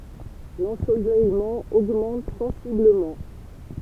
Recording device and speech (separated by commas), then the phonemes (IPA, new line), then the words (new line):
temple vibration pickup, read sentence
lɑ̃solɛjmɑ̃ oɡmɑ̃t sɑ̃sibləmɑ̃
L'ensoleillement augmente sensiblement.